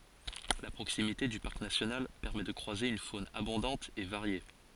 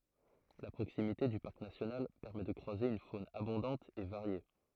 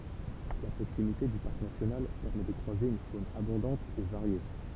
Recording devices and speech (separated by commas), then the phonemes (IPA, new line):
forehead accelerometer, throat microphone, temple vibration pickup, read sentence
la pʁoksimite dy paʁk nasjonal pɛʁmɛ də kʁwaze yn fon abɔ̃dɑ̃t e vaʁje